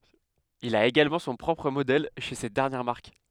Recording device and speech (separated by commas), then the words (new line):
headset microphone, read sentence
Il a également son propre modèle chez cette dernière marque.